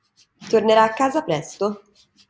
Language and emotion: Italian, neutral